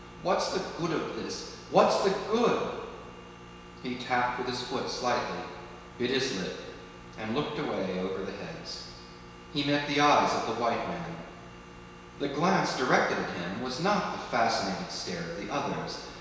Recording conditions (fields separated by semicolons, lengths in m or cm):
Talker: one person; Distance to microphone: 1.7 m; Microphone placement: close; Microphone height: 1.0 m; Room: very reverberant, large; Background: none